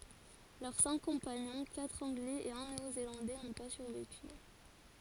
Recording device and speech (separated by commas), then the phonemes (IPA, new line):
forehead accelerometer, read sentence
lœʁ sɛ̃k kɔ̃paɲɔ̃ katʁ ɑ̃ɡlɛz e œ̃ neo zelɑ̃dɛ nɔ̃ pa syʁveky